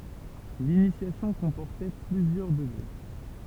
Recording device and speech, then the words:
temple vibration pickup, read sentence
L'initiation comportait plusieurs degrés.

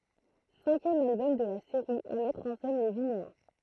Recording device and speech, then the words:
throat microphone, read sentence
Cinquième album de la série à mettre en scène les Vinéens.

